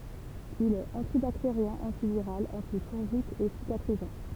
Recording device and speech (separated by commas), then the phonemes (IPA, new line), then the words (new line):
temple vibration pickup, read sentence
il ɛt ɑ̃tibakteʁjɛ̃ ɑ̃tiviʁal ɑ̃tifɔ̃ʒik e sikatʁizɑ̃
Il est antibactérien, antiviral, antifongique et cicatrisant.